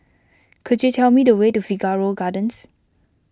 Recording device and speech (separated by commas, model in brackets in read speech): close-talking microphone (WH20), read sentence